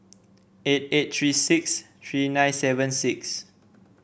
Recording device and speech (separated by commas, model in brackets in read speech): boundary microphone (BM630), read sentence